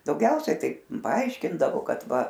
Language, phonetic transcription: Lithuanian, dauˈgiausia ˈtai paˈaiškindavo ˈkad ˈva

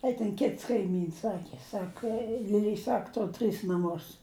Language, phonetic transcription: Lithuanian, ai ten ˈkits kaiˈmyns ˈsaki ˈsaka liˈliai ˈsak ˈtor tris naˈmus

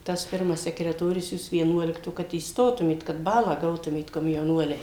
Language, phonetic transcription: Lithuanian, tas ˈpirmas sekreˈtorius ˈjūs vieˈnuolikto kad įsˈtotumėt kad ˈbalą ˈgautumėt komjauˈnuoliai

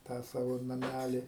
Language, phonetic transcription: Lithuanian, ˈtą ˈsavo naˈmæli

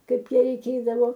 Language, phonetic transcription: Lithuanian, ˈkaip ˈja reiˈkėdavo

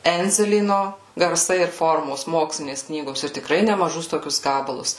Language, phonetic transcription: Lithuanian, ˈendzelyno garˈsai ir ˈformos ˈmokslinės ˈknygos ir tikˈrai nemaˈžus ˈtokius ˈgabalus

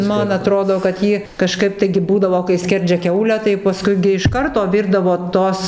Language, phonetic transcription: Lithuanian, ˈman aˈtrodo kad ˈjį kaˈžkaip taigi ˈbūdavo kai ˈskerdžia ˈkiaulę tai paˈskui gi iš ˈkarto ˈvirdavo ˈtos

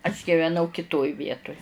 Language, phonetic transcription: Lithuanian, aš giveˈnau kiˈtoj ˈvietuj

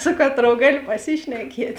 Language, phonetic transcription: Lithuanian, ˈsu kaˌtrou ˈgalio paˈsišnekiet'

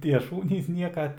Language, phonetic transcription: Lithuanian, ˈtie ˈšūnys ˈnieka

